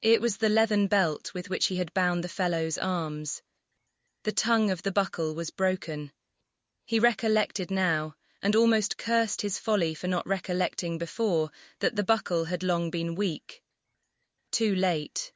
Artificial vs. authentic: artificial